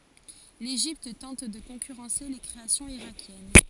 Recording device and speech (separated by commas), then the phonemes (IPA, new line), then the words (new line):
forehead accelerometer, read sentence
leʒipt tɑ̃t də kɔ̃kyʁɑ̃se le kʁeasjɔ̃z iʁakjɛn
L'Égypte tente de concurrencer les créations irakiennes.